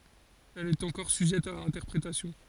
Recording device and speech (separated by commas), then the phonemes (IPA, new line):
forehead accelerometer, read sentence
ɛl ɛt ɑ̃kɔʁ syʒɛt a ɛ̃tɛʁpʁetasjɔ̃